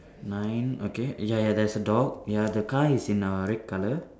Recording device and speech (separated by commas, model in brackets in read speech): standing microphone, conversation in separate rooms